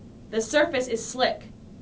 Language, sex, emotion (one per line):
English
female
neutral